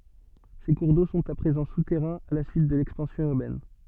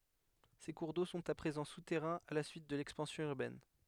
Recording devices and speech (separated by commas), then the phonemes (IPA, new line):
soft in-ear microphone, headset microphone, read sentence
se kuʁ do sɔ̃t a pʁezɑ̃ sutɛʁɛ̃z a la syit də lɛkspɑ̃sjɔ̃ yʁbɛn